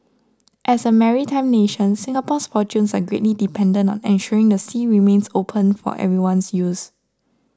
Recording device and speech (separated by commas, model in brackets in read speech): standing microphone (AKG C214), read sentence